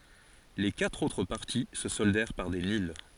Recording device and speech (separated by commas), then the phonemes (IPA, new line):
forehead accelerometer, read sentence
le katʁ otʁ paʁti sə sɔldɛʁ paʁ de nyl